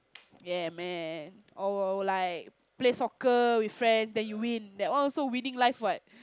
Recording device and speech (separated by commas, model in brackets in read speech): close-talking microphone, conversation in the same room